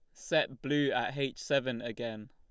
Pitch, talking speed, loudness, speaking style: 135 Hz, 170 wpm, -33 LUFS, Lombard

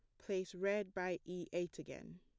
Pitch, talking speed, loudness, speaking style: 180 Hz, 180 wpm, -42 LUFS, plain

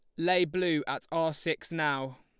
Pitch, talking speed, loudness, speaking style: 160 Hz, 180 wpm, -30 LUFS, Lombard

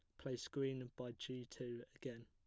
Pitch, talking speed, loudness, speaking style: 125 Hz, 175 wpm, -48 LUFS, plain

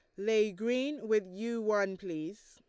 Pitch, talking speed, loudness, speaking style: 215 Hz, 160 wpm, -33 LUFS, Lombard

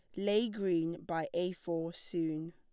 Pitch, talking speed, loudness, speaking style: 170 Hz, 155 wpm, -35 LUFS, plain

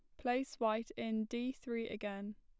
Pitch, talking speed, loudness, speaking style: 225 Hz, 165 wpm, -40 LUFS, plain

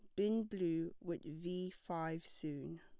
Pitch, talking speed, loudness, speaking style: 170 Hz, 140 wpm, -42 LUFS, plain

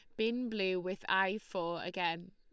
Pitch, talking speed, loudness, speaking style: 190 Hz, 170 wpm, -35 LUFS, Lombard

